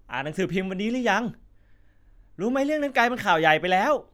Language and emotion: Thai, happy